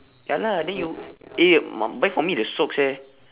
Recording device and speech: telephone, conversation in separate rooms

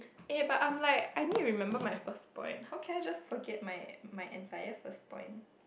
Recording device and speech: boundary microphone, conversation in the same room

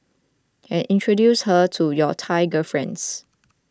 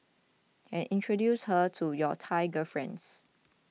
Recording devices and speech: close-talking microphone (WH20), mobile phone (iPhone 6), read sentence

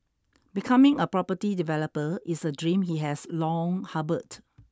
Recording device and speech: standing microphone (AKG C214), read sentence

